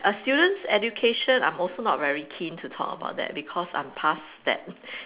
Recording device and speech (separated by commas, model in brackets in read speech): telephone, conversation in separate rooms